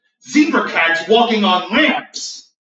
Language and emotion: English, angry